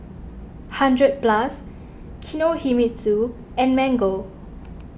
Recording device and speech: boundary microphone (BM630), read sentence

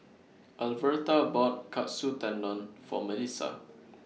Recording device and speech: mobile phone (iPhone 6), read sentence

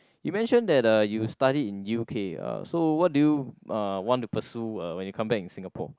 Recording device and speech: close-talking microphone, conversation in the same room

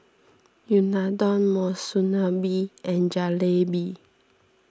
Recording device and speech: standing microphone (AKG C214), read sentence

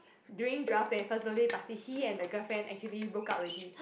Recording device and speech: boundary microphone, conversation in the same room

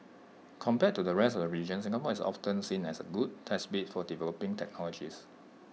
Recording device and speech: mobile phone (iPhone 6), read sentence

